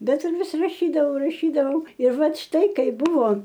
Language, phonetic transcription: Lithuanian, ˈbet ir ˈvis raˈšydavau raˈšydavau ir ˈvat ˈštai ˈkaiˈ buvo

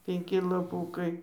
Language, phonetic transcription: Lithuanian, penˈki laˈpūkai

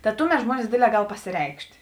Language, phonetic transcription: Lithuanian, ta ˈtuˌmet ˈžmuonis ˈdėdˌlē ˈgal pasiˈreikšt'

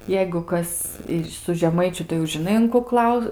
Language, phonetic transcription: Lithuanian, ˈjeigu ˈkas su žeˈmaičiu tai jau žiˈnai un ku ˈklau

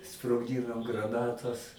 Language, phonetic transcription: Lithuanian, sprogˈdynom graˈnatas

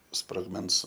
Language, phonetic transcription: Lithuanian, sprogˈmens

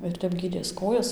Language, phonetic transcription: Lithuanian, ir ˈtep ˈgydės ˈkojas

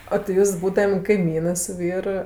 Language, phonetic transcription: Lithuanian, o ti ˈjūs ˈbūdam' kaiˈmynɜ su ˈvyr

